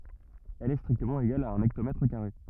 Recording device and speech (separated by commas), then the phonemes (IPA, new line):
rigid in-ear microphone, read sentence
ɛl ɛ stʁiktəmɑ̃ eɡal a œ̃n ɛktomɛtʁ kaʁe